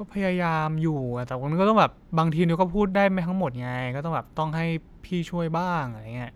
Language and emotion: Thai, frustrated